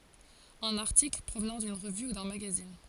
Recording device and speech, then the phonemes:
forehead accelerometer, read sentence
œ̃n aʁtikl pʁovnɑ̃ dyn ʁəvy u dœ̃ maɡazin

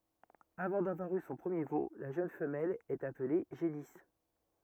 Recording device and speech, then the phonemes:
rigid in-ear microphone, read sentence
avɑ̃ davwaʁ y sɔ̃ pʁəmje vo la ʒøn fəmɛl ɛt aple ʒenis

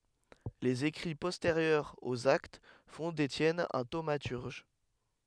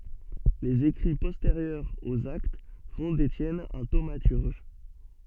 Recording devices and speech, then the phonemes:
headset microphone, soft in-ear microphone, read sentence
lez ekʁi pɔsteʁjœʁz oz akt fɔ̃ detjɛn œ̃ tomatyʁʒ

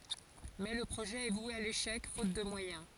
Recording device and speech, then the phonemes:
forehead accelerometer, read sentence
mɛ lə pʁoʒɛ ɛ vwe a leʃɛk fot də mwajɛ̃

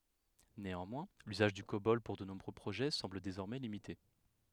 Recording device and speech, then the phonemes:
headset microphone, read sentence
neɑ̃mwɛ̃ lyzaʒ dy kobɔl puʁ də nuvo pʁoʒɛ sɑ̃bl dezɔʁmɛ limite

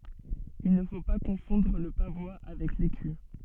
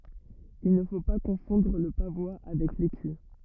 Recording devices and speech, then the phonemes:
soft in-ear microphone, rigid in-ear microphone, read sentence
il nə fo pa kɔ̃fɔ̃dʁ lə pavwa avɛk leky

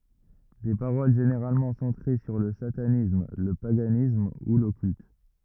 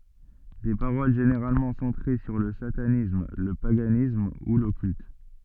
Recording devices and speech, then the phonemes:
rigid in-ear microphone, soft in-ear microphone, read sentence
de paʁol ʒeneʁalmɑ̃ sɑ̃tʁe syʁ lə satanism lə paɡanism u lɔkylt

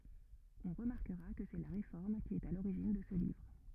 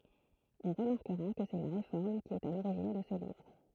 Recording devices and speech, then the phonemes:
rigid in-ear microphone, throat microphone, read sentence
ɔ̃ ʁəmaʁkəʁa kə sɛ la ʁefɔʁm ki ɛt a loʁiʒin də sə livʁ

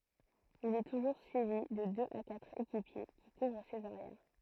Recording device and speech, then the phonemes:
throat microphone, read sentence
il ɛ tuʒuʁ syivi də døz a katʁ ekipje ki kuvʁ sez aʁjɛʁ

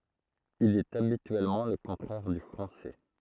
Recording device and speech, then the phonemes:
throat microphone, read sentence
il ɛt abityɛlmɑ̃ lə kɔ̃tʁɛʁ dy fʁɑ̃sɛ

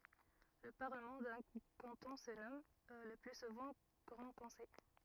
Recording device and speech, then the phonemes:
rigid in-ear microphone, read sentence
lə paʁləmɑ̃ dœ̃ kɑ̃tɔ̃ sə nɔm lə ply suvɑ̃ ɡʁɑ̃ kɔ̃sɛj

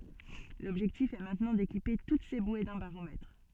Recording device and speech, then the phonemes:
soft in-ear microphone, read sentence
lɔbʒɛktif ɛ mɛ̃tnɑ̃ dekipe tut se bwe dœ̃ baʁomɛtʁ

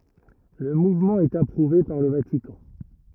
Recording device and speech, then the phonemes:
rigid in-ear microphone, read sentence
lə muvmɑ̃ ɛt apʁuve paʁ lə vatikɑ̃

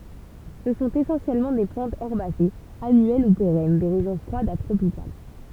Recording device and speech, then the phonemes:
temple vibration pickup, read sentence
sə sɔ̃t esɑ̃sjɛlmɑ̃ de plɑ̃tz ɛʁbasez anyɛl u peʁɛn de ʁeʒjɔ̃ fʁwadz a tʁopikal

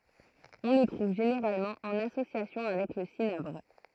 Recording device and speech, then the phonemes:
throat microphone, read sentence
ɔ̃ lə tʁuv ʒeneʁalmɑ̃ ɑ̃n asosjasjɔ̃ avɛk lə sinabʁ

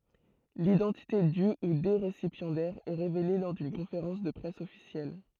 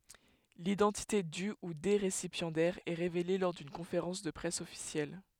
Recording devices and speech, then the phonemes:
throat microphone, headset microphone, read sentence
lidɑ̃tite dy u de ʁesipjɑ̃dɛʁz ɛ ʁevele lɔʁ dyn kɔ̃feʁɑ̃s də pʁɛs ɔfisjɛl

